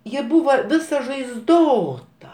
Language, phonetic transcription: Lithuanian, ˈji ˈbūva ˈvisa žaizˈdota

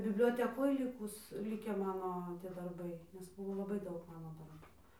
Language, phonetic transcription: Lithuanian, biblioteˈkoj ˈlikus ˈlikę ˈmano tie darˈbai nes ˈbuvo laˈbai ˈdaug ˈmano darˈbu

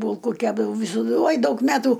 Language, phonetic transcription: Lithuanian, ˈbūlku ˈkepdavau visoˈdu ˈoj ˈdaug ˈmetų

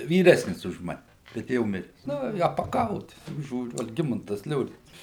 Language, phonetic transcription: Lithuanian, vyˈresnis už ˈmane bet ˈjau ˈmires ˈnu i apaˈkau tik ˈžiūriu alˈgimantas ˈliorincas

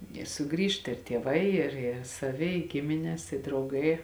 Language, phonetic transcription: Lithuanian, i suˈgrįžt ir tieˈvai ir ir saˈvi i ˈgimines i drauˈgai

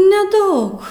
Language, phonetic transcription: Lithuanian, neˈdaug

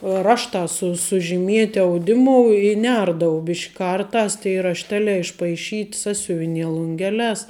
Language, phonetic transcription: Lithuanian, ˈraštā su sužiˈmieti auˈdimu i ˈnerdavau ˈbišk' ˈkarˌtās tai rašˈtelē išpaiˈšyt' ˈsasiuvinie lunˈgelēs

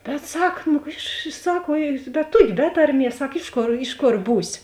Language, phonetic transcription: Lithuanian, bet ˈsak nu iš ˈsak vuo bet ˈtuoki ˈbe tarˌmies ˈsak ˈiš ˌkor ˈiš ˌkor ˈbūsi

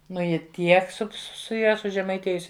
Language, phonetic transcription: Lithuanian, ˈnu ˈji ˈtiek su su ˈja sužemaiˈtėjusi

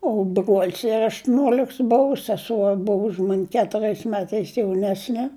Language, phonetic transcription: Lithuanian, o bruol's ir aštuˈniuoliks ˈbuvu seˈsuo ˈbuvu už man' ketuˈriais ˈmetais jauˈnesne

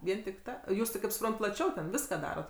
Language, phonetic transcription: Lithuanian, ˈvien tik ˈta ˈjūs ti ˈkaip suˈprant ti plaˈčiau ten ˈviska ˈdarot

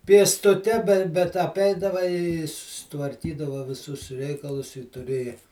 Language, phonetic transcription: Lithuanian, piestuˈte be bet aˈpeidava i susitvarˈkydava viˈsus ˈreikalus i tuˈrėja

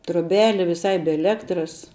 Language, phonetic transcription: Lithuanian, troˈbeli viˈsai be eˈlektras

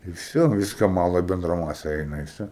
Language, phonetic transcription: Lithuanian, i ˈvsio ˈviska ˈmala i ˈbendra ˈmase ˈeina i ˈvsio

